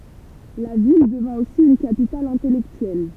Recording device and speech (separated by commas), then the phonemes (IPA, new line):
temple vibration pickup, read sentence
la vil dəvɛ̃ osi yn kapital ɛ̃tɛlɛktyɛl